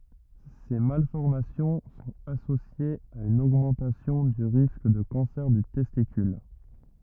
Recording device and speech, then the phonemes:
rigid in-ear microphone, read sentence
se malfɔʁmasjɔ̃ sɔ̃t asosjez a yn oɡmɑ̃tasjɔ̃ dy ʁisk də kɑ̃sɛʁ dy tɛstikyl

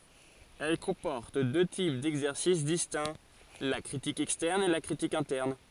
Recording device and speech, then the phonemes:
forehead accelerometer, read sentence
ɛl kɔ̃pɔʁt dø tip dɛɡzɛʁsis distɛ̃ la kʁitik ɛkstɛʁn e la kʁitik ɛ̃tɛʁn

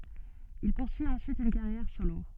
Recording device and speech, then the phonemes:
soft in-ear microphone, read sentence
il puʁsyi ɑ̃syit yn kaʁjɛʁ solo

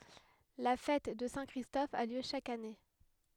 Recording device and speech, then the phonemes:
headset microphone, read sentence
la fɛt də sɛ̃ kʁistɔf a ljø ʃak ane

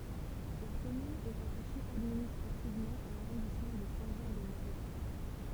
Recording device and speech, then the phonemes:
temple vibration pickup, read sentence
la kɔmyn ɛ ʁataʃe administʁativmɑ̃ a laʁɔ̃dismɑ̃ də sɛ̃ ʒɑ̃ də moʁjɛn

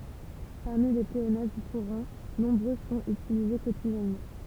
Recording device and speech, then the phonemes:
temple vibration pickup, read sentence
paʁmi le pleonasm kuʁɑ̃ nɔ̃bʁø sɔ̃t ytilize kotidjɛnmɑ̃

